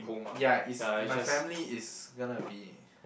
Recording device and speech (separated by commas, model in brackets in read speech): boundary microphone, conversation in the same room